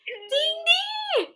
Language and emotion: Thai, happy